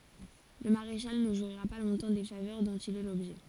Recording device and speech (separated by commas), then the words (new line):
forehead accelerometer, read sentence
Le maréchal ne jouira pas longtemps des faveurs dont il est l'objet.